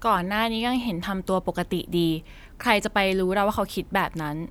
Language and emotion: Thai, frustrated